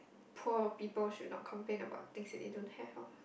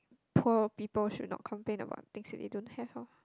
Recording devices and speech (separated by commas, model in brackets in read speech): boundary microphone, close-talking microphone, conversation in the same room